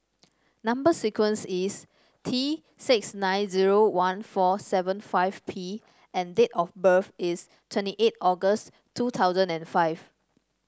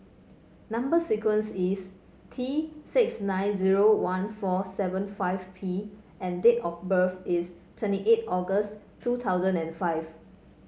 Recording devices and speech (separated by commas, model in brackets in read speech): standing microphone (AKG C214), mobile phone (Samsung C5), read sentence